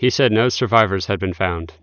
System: none